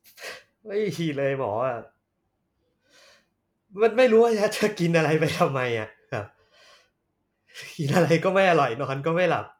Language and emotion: Thai, sad